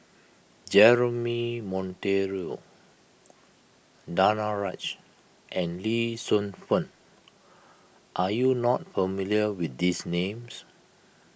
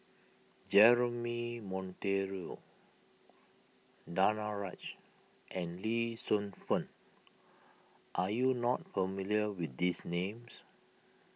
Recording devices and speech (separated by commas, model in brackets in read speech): boundary microphone (BM630), mobile phone (iPhone 6), read sentence